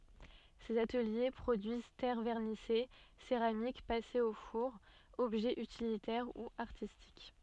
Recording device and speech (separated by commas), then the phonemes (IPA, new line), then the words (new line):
soft in-ear microphone, read sentence
sez atəlje pʁodyiz tɛʁ vɛʁnise seʁamik pasez o fuʁ ɔbʒɛz ytilitɛʁ u aʁtistik
Ces ateliers produisent terres vernissées, céramiques passées au four, objets utilitaires ou artistiques.